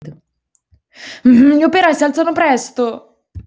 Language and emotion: Italian, angry